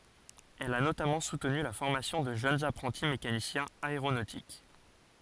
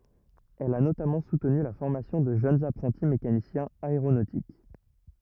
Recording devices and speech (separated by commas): forehead accelerometer, rigid in-ear microphone, read sentence